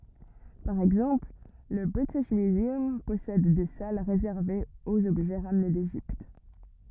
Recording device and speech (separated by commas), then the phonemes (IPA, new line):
rigid in-ear microphone, read sentence
paʁ ɛɡzɑ̃pl lə bʁitiʃ myzœm pɔsɛd de sal ʁezɛʁvez oz ɔbʒɛ ʁamne deʒipt